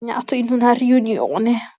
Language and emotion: Italian, disgusted